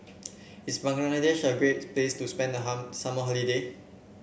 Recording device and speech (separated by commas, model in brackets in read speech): boundary microphone (BM630), read sentence